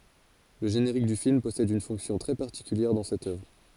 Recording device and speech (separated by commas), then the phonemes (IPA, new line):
forehead accelerometer, read sentence
lə ʒeneʁik dy film pɔsɛd yn fɔ̃ksjɔ̃ tʁɛ paʁtikyljɛʁ dɑ̃ sɛt œvʁ